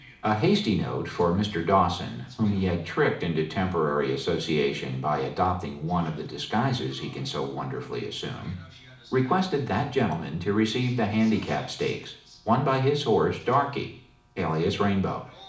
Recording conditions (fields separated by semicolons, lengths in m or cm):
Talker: one person; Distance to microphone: 2.0 m; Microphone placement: close; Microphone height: 99 cm; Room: medium-sized (5.7 m by 4.0 m); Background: television